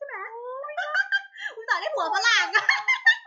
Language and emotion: Thai, happy